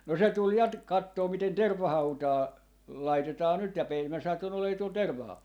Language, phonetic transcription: Finnish, no se 'tul ja ‿t- , 'kattoo 'miten "tervvahautaa , 'laitetaa nyt ja pei- , mä satun ‿olee tuol 'terv̆vahau(val) .
- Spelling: no se tuli ja - katsomaan miten tervahautaa laitetaan nyt ja - minä satuin olemaan tuolla tervahaudalla

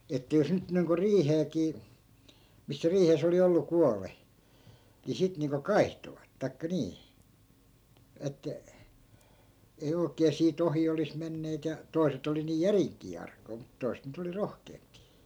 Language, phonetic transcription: Finnish, että jos 'nyt niiŋko "riiheekii , missä 'riihes ‿oli ollu "kuale , ni 'sit niiŋko "kai̮htovat 'tai̮kka nii , 'että , ei oi̮kee 'sii"t ‿ohi olis menneet ja , 'toi̮set ‿oli nii "järiŋk̆kii 'ark̀oi̮ mut 'toi̮set nyt ‿oli "rohkeempII .
- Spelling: että jos nyt niin kuin riiheenkin missä riihessä oli ollut kuollut niin sitten niin kuin kaihtoivat tai niin että ei oikein siitä ohi olisi menneet ja toiset oli niin järinkin arkoja mutta toiset nyt oli rohkeampia

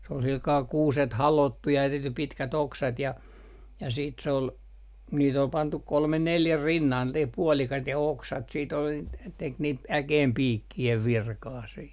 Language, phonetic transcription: Finnish, s ‿ol silkaa 'kuuset "halòttu ja , 'tehty 'pitkät 'oksat ja , ja siit sᵉ ‿ol , niit ‿ol 'pantuk 'kolme "neljä "rinnalt niit 'puɔlikait ja "oksat siit ‿ol , n - tek niit "äkeempiikki₍ev "virkaa sii .
- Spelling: se oli sillä kalella kuuset halottu ja tehty pitkät oksat ja ja sitten se oli niitä oli pantu kolme neljä rinnalta niitä puolikkaita ja oksat sitten oli - teki niitä äkeenpiikkien virkaa siinä

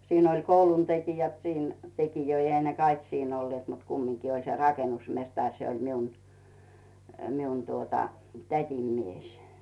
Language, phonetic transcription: Finnish, 'siin ‿oĺ koulun 'tekijät siin , tekijöi ehä ne 'kaik siin ‿ollⁱet mut kummiŋki oĺ se "rakenusmestaŕ se oĺ 'miun , 'miun tuota , "tät́im 'mies .
- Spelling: siinä oli koulun tekijät siinä tekijöitä eihän ne kaikki siinä olleet mutta kumminkin oli se rakennusmestari se oli minun minun tuota tädin mies

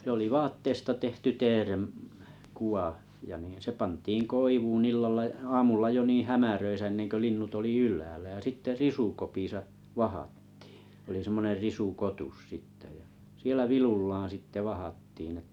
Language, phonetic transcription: Finnish, se ‿oli vaatteesta tehty teerem , 'kuʷa , ja nii se 'pant̀iiŋ "koivuun 'illalla j- "aamulla jo 'niiⁱ̰ "hämäröisä 'en̆neŋkö 'linnut oli "yl̆läälä jä sitte "risukopisa , "vahattɪɪ , oli 'semmoner 'risu'kotus 'sitte ja , 'sielä 'vilullaaᵃ̰ sitte 'vahattiin ‿et- ,.
- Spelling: se oli vaatteesta tehty teeren kuva ja niin se pantiin koivuun illalla - aamulla jo niin hämärissä ennen kuin linnut oli ylhäällä ja sitten risukopissa vahdattiin oli semmoinen risukotus sitten ja siellä vilullaan sitten vahdattiin -

